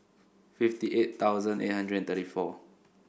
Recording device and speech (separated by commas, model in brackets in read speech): boundary microphone (BM630), read sentence